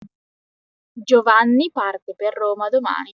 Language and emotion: Italian, neutral